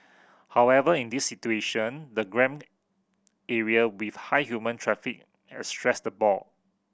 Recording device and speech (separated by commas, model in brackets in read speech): boundary microphone (BM630), read sentence